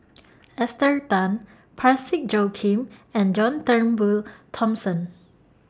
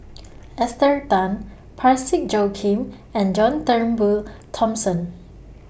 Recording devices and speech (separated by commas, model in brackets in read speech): standing microphone (AKG C214), boundary microphone (BM630), read sentence